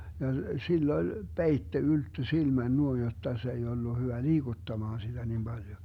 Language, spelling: Finnish, ja sillä oli peite ylttö silmän noin jotta se ei ollut hyvä liikuttamaan sitä niin paljon
- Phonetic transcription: ja 'sil'l ‿oĺ , "peitte 'ylttö 'silmän nuoin 'jotta se ei ollu 'hyvä "liiGuttamaan siDä nim 'Baljo .

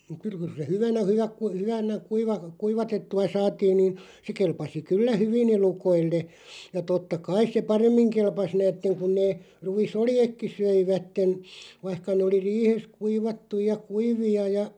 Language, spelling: Finnish, kyllä kyllä se hyvänä hyvä - hyvänä - kuivatettua saatiin niin se kelpasi kyllä hyvin elukoille ja totta kai se paremmin kelpasi näette kun ne ruisoljetkin söivät vaikka ne oli riihessä kuivattuja ja kuivia ja
- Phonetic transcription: 'kyl k(yl) se 'hyvänä 'hyväk ku- 'hyvänä , 'kuiva- , "kuivatettu₍a 'saatiin niin̬ , se 'kelpasi "kyllä "hyvi'n ‿elukoille , ja 'totta "kais se "paremmiŋ 'kelpas 'näätteŋ kun nee , 'rui"soljekki 'söivätten , vaⁱhka nee oli 'riihes "kuivattuʲ ja "kuivi₍a ja ,.

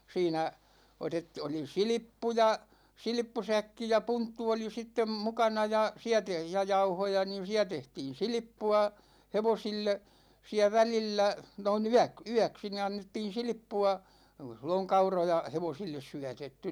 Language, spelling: Finnish, siinä - oli silppuja silppusäkki ja punttu oli sitten mukana ja siellä - ja jauhoja niin siellä tehtiin silppua hevosille siellä välillä noin - yöksi niin annettiin silppua ei suinkaan silloin kauroja hevosille syötetty
- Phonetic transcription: 'siinä , 'otet- , oli "silippuja , 'silⁱppusäkki ja 'punttu oli sittem 'mukana ja , 'siä te- , ja "jauhoja niin̬ 'siä 'tehtiin̬ "silⁱppu₍a , 'hevosille , siä 'välillä , noi'n ‿yäk- , "yäksi ni 'annettiin̬ "silⁱppu₍a , (ei sunka) silloŋ "kauroja 'hevosilles 'syätetty .

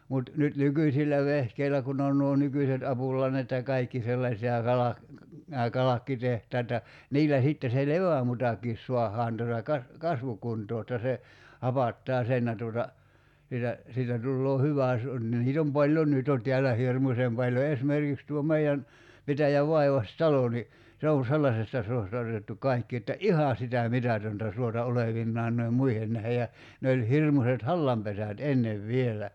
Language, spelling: Finnish, mutta nyt nykyisillä vehkeillä kun on nuo nykyiset apulannat ja kaikki sellaiset ja - nämä kalkkitehtaat ja niillä sitten se levämutakin saadaan tuota - kasvukuntoon jotta se hapattaa sen ja tuota siitä siitä tulee hyvä jos on ja niitä on paljon nyt jo täällä hirmuisen paljon esimerkiksi tuo meidän pitäjän vaivaistalo niin se on sellaisesta suosta otettu kaikki että ihan sitä mitätöntä suota olevinaan noiden muiden nähden ja ne oli hirmuiset hallanpesät ennen vielä
- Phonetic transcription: mut , nyt 'nykyśillä 'vehkeilä kun ‿on nuo 'nykyset 'apul̀annat ja 'kaikki sellas(et) ja 'kalak- , nää 'kalakkiteht̀aat ja , 'niillä sìtte se "levämutakiis 'suahaan tuᵒta kas- , "kasvukuntoo [j]otta se , 'hapattaa "sen ja tuota , 'siitä , siitä 'tulloo 'hyvä (jos on ja) 'niit ‿om "paĺjon 'nyt jo 'tḙällä "hirmusem paljo 'esmerkiks tuo 'mei₍än , 'pitäjäv 'vaivas"talo ni , 'se on̬ "sellasesta 'suosta otettu 'kaikki että "’iha sitä "mitätöntä 'suota 'olevinnaan noi₍em "muihen nähe ja , 'ne oĺ , 'hirmuset "hallampesät "ennev "vielä .

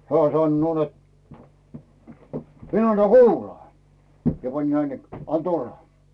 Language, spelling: Finnish, hän sanoo että minä annan kuulaa ja panin näin että anna tulla
- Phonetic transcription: 'hää sannoo net » 'min ‿anna "kuulaa « , ja 'pań[in] näin ‿et » 'an "tulla « .

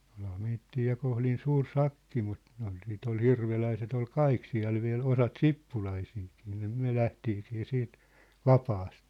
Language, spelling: Finnish, olihan meitä ja kohdin suuri sakki mutta ne oli sitten oli hirveläiset oli kaikki siellä vielä osat sippulaisiakin niin me lähdettiinkin siitä vapaasti
- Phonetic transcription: olha meittii ja konhlin 'suur "sakki mut , ne ‿ol siit ‿ol "hirveläiset ‿ol "kaik siä̭l viä̭l 'osat "sippulaisiikii nii 'myä̭ 'lähtiikii siit , "vapaast .

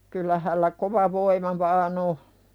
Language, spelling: Finnish, kyllä hänellä kova voima vain on
- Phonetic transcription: kyllä hällä "kova voima vaa'n o. .

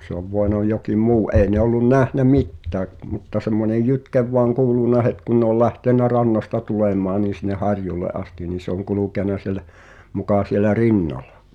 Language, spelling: Finnish, se on voinut jokin muu ei ne ollut nähnyt mitään mutta semmoinen jytke vain kuulunut heti kun ne oli lähtenyt rannasta tulemaan niin sinne harjulle asti niin se on kulkenut siellä muka siellä rinnalla
- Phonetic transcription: ᵗse ‿ov 'voenɔ jokim "muu , '’ei ne ‿ollun 'nähnä "mittääk , mutta semmonej "jytkev voaŋ 'ku̬ulunna 'het kun ne ‿ol 'lähtennä rannasta tulèm̀aan niin̬ sin̆neh̆ "harjulle’ ’asti nin̬ se ‿oŋ 'kulùkèna siĕlä , mukà 'sielä "rinnal̆lᴀ .

